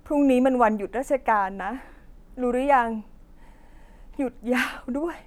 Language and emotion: Thai, sad